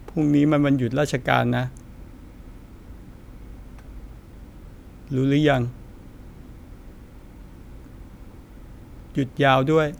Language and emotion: Thai, sad